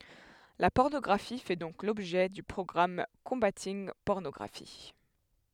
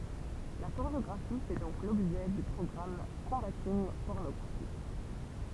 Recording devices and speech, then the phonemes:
headset microphone, temple vibration pickup, read sentence
la pɔʁnɔɡʁafi fɛ dɔ̃k lɔbʒɛ dy pʁɔɡʁam kɔ̃batinɡ pɔʁnɔɡʁafi

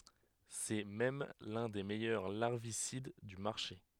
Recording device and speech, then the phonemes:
headset microphone, read sentence
sɛ mɛm lœ̃ de mɛjœʁ laʁvisid dy maʁʃe

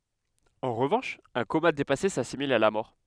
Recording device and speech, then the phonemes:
headset microphone, read sentence
ɑ̃ ʁəvɑ̃ʃ œ̃ koma depase sasimil a la mɔʁ

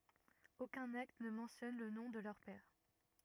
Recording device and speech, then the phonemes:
rigid in-ear microphone, read sentence
okœ̃n akt nə mɑ̃tjɔn lə nɔ̃ də lœʁ pɛʁ

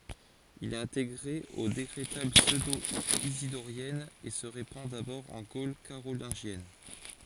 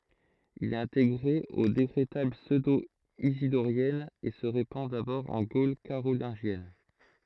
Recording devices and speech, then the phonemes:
forehead accelerometer, throat microphone, read sentence
il ɛt ɛ̃teɡʁe o dekʁetal psødoizidoʁjɛnz e sə ʁepɑ̃ dabɔʁ ɑ̃ ɡol kaʁolɛ̃ʒjɛn

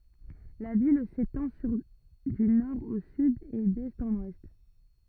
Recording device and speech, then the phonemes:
rigid in-ear microphone, read sentence
la vil setɑ̃ syʁ dy nɔʁ o syd e dɛst ɑ̃n wɛst

